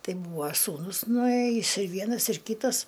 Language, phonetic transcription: Lithuanian, ˈtai ˈbūva ˈsūnus nuˈėjis ir ˈvienas ir ˈkytas

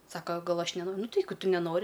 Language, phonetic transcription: Lithuanian, ˈsaka ˈgal ˈaš neno ˈnu ti ˈjeigu ˈtu neˈnori

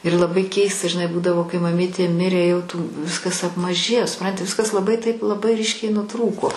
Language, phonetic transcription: Lithuanian, ir laˈbai ˈkeista žiˈnai ˈbūdavo kai maˈmytė ˈmirė jau tų ˈviskas apmaˈžėjo suˈpranti ˈviskas laˈbai taip laˈbai ˈryškiai nuˈtrūko

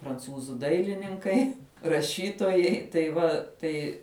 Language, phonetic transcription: Lithuanian, pranˈcūzų ˈdailininkai raˈšytojai tai ˈva ˈtai

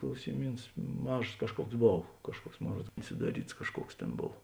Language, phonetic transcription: Lithuanian, klausiˈmyns ˈmažos ˈkažˌkuoks ˈbov ˈkažˌkuoks ˈmon ˈruods sudaˈryts ˈkažˌkuoks ˈtėn ˈbov

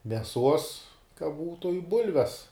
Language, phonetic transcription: Lithuanian, meˈsuos ka ˈbūtu i ˈbulves

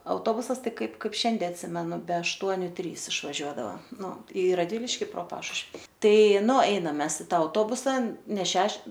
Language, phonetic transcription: Lithuanian, auˈtobusas ˈtai ˈkaip ˈkaip ˈšiande atˈsimenu be ašˈtuoniu ˈtrys išvaˈžiuodava ˈnu i radˈviliški pro ˈpašušvi ˈtai ˈnu ˈainam ˈmes i ˈta auˈtobusa ne ˈšeš

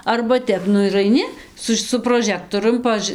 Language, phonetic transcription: Lithuanian, arba ˈtep ˈnu ir aiˈni ˈsus su proˈžektorium paˈžɨ

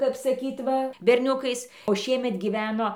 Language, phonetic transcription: Lithuanian, kap saˈkyt ˈva berˈniukais o ˈšiemet giˈveno

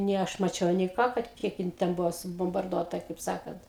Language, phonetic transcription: Lithuanian, nė ˈaš maˈčiau nė ˈką kad ˈkiek jin ˈten ˈbuvo subombarˈduota kaip ˈsakant

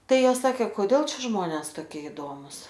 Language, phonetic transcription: Lithuanian, ˈtai ˈjos ˈsakė koˈdėl ˈčia ˈžmones toˈkie iˈdomus

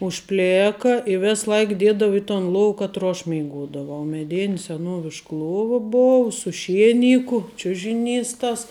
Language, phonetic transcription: Lithuanian, užˈplėka i ˈves ˈlaik ˈdiedavu i ton ˈlov katˈro aš meiˈgodavau meˈdin seˈnuovišk ˈluova ˈbov su ˈšieˌniku ˈčiužiˌnys tas

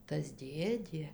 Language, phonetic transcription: Lithuanian, tas ˈdėdė

